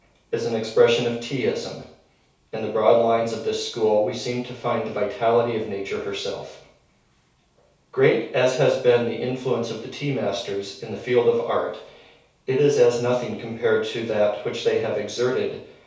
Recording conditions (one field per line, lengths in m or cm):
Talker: one person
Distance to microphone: 3.0 m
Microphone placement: far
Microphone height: 1.8 m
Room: small (3.7 m by 2.7 m)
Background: none